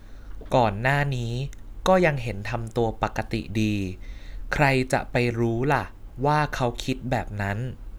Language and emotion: Thai, neutral